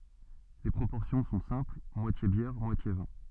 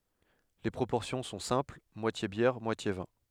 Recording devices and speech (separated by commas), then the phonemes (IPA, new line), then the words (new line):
soft in-ear microphone, headset microphone, read sentence
le pʁopɔʁsjɔ̃ sɔ̃ sɛ̃pl mwatje bjɛʁ mwatje vɛ̃
Les proportions sont simple moitié bière, moitié vin.